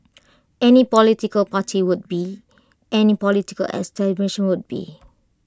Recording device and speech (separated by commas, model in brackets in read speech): close-talking microphone (WH20), read sentence